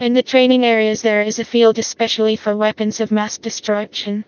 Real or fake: fake